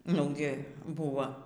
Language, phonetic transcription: Lithuanian, ˈnugi ˈbuva

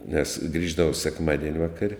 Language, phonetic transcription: Lithuanian, nes ˈgrįždavo sekˈmadien' ˈvakar'

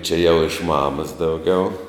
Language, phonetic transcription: Lithuanian, čia jau iš ˈmamas dauˈgiau

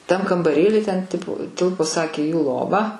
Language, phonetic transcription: Lithuanian, tam kambaˈrėly ten ˈtipu ˈtilpo ˈsakė jų ˈlova

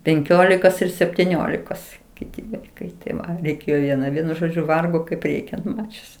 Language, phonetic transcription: Lithuanian, penˈkiolikos ir septiˈniolikos ˈkiti ˈvaikai tiˈva reiˈkėjo vieˈna ˈvienu ˈžodžiu ˈvargo kaip ˈreikiant ˈmačius

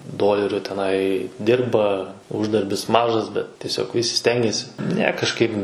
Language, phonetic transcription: Lithuanian, ˈdoleriu teˈnai ˈdirba ˈuždarbis ˈmažas bet tieˈsiog ˈvisi ˈstengiasi ne kažˈkaip

